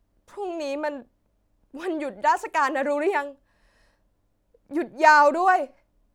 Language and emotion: Thai, sad